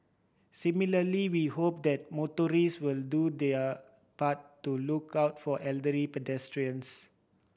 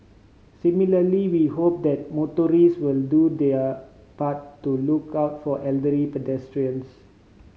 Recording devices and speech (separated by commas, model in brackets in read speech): boundary microphone (BM630), mobile phone (Samsung C5010), read sentence